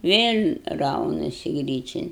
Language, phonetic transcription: Lithuanian, ˈvėl' ˈraunasi ˈgryčian

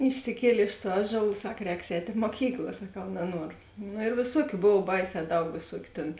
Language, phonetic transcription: Lithuanian, išsiˈkielė iš tuo ˈaˌžuol ˈsak ˈrēks ˈēt' i moˈkykla saˈkau naˈnuoru ˈnu ėr vėˈsuokiu ˈbov ˈbaiˌsē ˈdaug vėˈsuokiu tėn

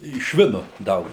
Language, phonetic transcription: Lithuanian, i ˈšvinu ˈdaug

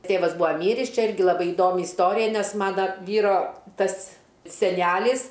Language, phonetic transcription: Lithuanian, ˈtėvas ˈbua ˈmyris ˈčia ˈirgi laˈbai iˈdomi isˈtorija ˈnes ˈmana ˈvyro ˈtas seˈnelis

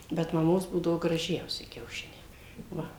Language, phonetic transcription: Lithuanian, bet maˈmos ˈbūdavo graˈžiausi kiauˈšiniai ˈva

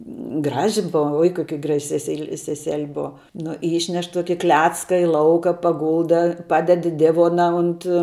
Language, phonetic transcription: Lithuanian, ˈgraži ˈbova oi ˈkoki graž' seˈseili sesel' ˈbova ˈnu ˈyšneš ˈtuoki ˈklecka i ˈlauka paˈgulda ˈpaded i ˈdivona unt

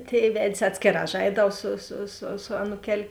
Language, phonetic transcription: Lithuanian, ˈtėi ˈved's' ˈatskėˌrā ˈžaidau su su su su ˈanūkel'

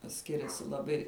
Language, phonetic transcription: Lithuanian, ˈskiriasi laˈbai

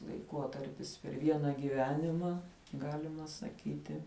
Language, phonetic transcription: Lithuanian, laiˈkotarpis per ˈviena gyˈvenima ˈgalima saˈkyti

